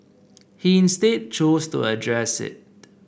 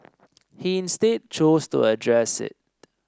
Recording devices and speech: boundary microphone (BM630), standing microphone (AKG C214), read sentence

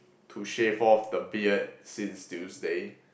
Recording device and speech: boundary microphone, conversation in the same room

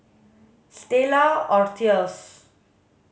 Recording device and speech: mobile phone (Samsung S8), read sentence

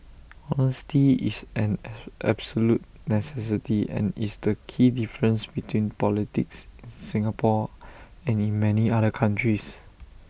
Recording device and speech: boundary microphone (BM630), read sentence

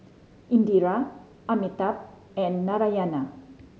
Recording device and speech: mobile phone (Samsung C5010), read sentence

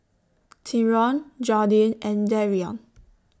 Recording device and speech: standing microphone (AKG C214), read sentence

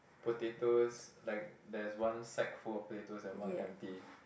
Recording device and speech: boundary microphone, conversation in the same room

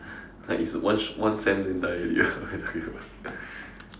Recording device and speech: standing microphone, conversation in separate rooms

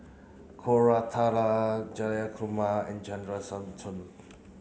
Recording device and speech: mobile phone (Samsung C9), read sentence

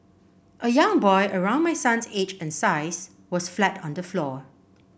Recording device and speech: boundary microphone (BM630), read sentence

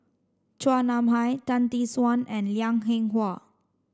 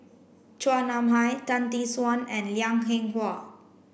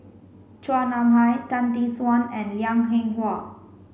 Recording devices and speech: standing microphone (AKG C214), boundary microphone (BM630), mobile phone (Samsung C5), read sentence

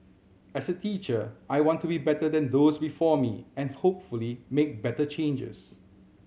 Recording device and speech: mobile phone (Samsung C7100), read sentence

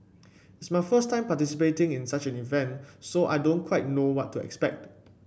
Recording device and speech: boundary microphone (BM630), read sentence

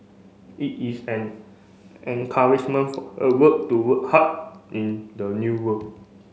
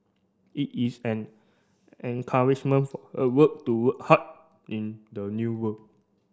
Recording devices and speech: mobile phone (Samsung C5), standing microphone (AKG C214), read sentence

